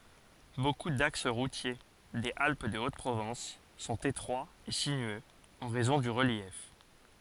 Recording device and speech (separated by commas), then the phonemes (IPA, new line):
forehead accelerometer, read sentence
boku daks ʁutje dez alp də ot pʁovɑ̃s sɔ̃t etʁwaz e sinyøz ɑ̃ ʁɛzɔ̃ dy ʁəljɛf